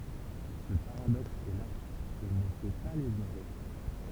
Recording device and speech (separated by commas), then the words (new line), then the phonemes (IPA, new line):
temple vibration pickup, read sentence
Ce paradoxe est là, il ne faut pas l'ignorer.
sə paʁadɔks ɛ la il nə fo pa liɲoʁe